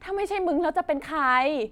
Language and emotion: Thai, angry